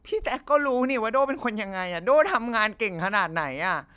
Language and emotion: Thai, sad